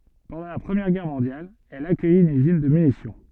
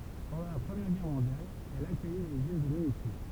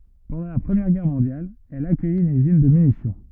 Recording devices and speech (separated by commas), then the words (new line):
soft in-ear microphone, temple vibration pickup, rigid in-ear microphone, read sentence
Pendant la Première Guerre mondiale, elle accueille une usine de munitions.